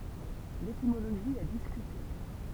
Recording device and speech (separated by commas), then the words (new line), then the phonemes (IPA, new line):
temple vibration pickup, read sentence
L'étymologie est discutée.
letimoloʒi ɛ diskyte